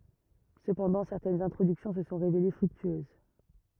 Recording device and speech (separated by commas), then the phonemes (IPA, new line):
rigid in-ear microphone, read sentence
səpɑ̃dɑ̃ sɛʁtɛnz ɛ̃tʁodyksjɔ̃ sə sɔ̃ ʁevele fʁyktyøz